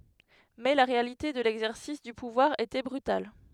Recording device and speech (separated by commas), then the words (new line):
headset microphone, read sentence
Mais la réalité de l'exercice du pouvoir était brutal.